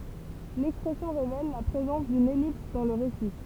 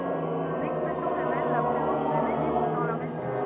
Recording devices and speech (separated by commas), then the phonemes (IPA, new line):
temple vibration pickup, rigid in-ear microphone, read sentence
lɛkspʁɛsjɔ̃ ʁevɛl la pʁezɑ̃s dyn ɛlips dɑ̃ lə ʁesi